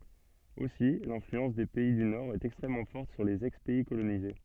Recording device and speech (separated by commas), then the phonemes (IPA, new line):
soft in-ear microphone, read sentence
osi lɛ̃flyɑ̃s de pɛi dy noʁɛst ɛkstʁɛmmɑ̃ fɔʁt syʁ lez ɛkspɛi kolonize